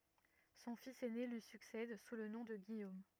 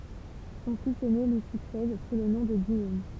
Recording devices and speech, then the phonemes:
rigid in-ear microphone, temple vibration pickup, read sentence
sɔ̃ fis ɛne lyi syksɛd su lə nɔ̃ də ɡijom

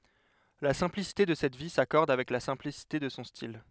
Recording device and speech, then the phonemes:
headset microphone, read sentence
la sɛ̃plisite də sɛt vi sakɔʁd avɛk la sɛ̃plisite də sɔ̃ stil

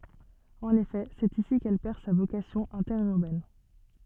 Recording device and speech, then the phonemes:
soft in-ear microphone, read sentence
ɑ̃n efɛ sɛt isi kɛl pɛʁ sa vokasjɔ̃ ɛ̃tɛʁyʁbɛn

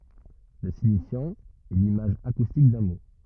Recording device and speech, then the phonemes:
rigid in-ear microphone, read sentence
lə siɲifjɑ̃ ɛ limaʒ akustik dœ̃ mo

